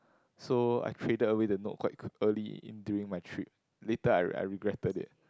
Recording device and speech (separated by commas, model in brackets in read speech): close-talking microphone, conversation in the same room